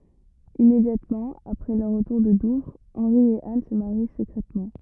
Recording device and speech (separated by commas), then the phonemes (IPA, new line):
rigid in-ear microphone, read sentence
immedjatmɑ̃ apʁɛ lœʁ ʁətuʁ də duvʁ ɑ̃ʁi e an sə maʁi səkʁɛtmɑ̃